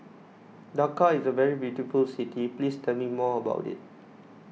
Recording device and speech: mobile phone (iPhone 6), read sentence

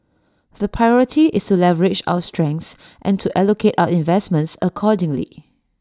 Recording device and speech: standing microphone (AKG C214), read sentence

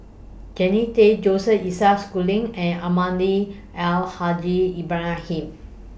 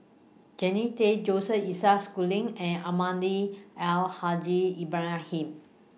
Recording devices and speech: boundary microphone (BM630), mobile phone (iPhone 6), read sentence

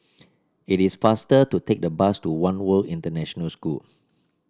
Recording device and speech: standing microphone (AKG C214), read sentence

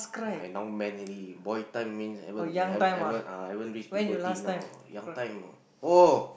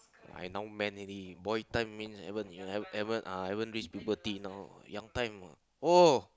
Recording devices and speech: boundary microphone, close-talking microphone, conversation in the same room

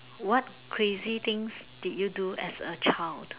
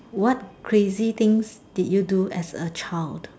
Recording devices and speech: telephone, standing microphone, conversation in separate rooms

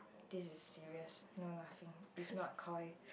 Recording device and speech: boundary microphone, conversation in the same room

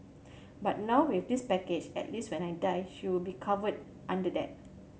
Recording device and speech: mobile phone (Samsung C7100), read sentence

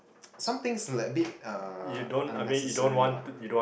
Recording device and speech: boundary microphone, conversation in the same room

